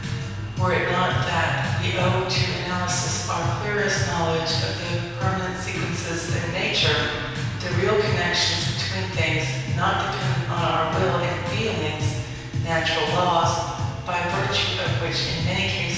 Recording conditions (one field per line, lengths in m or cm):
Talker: one person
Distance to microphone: 7.1 m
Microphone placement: far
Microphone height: 1.7 m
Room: very reverberant, large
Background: music